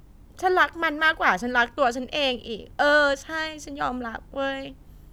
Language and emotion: Thai, frustrated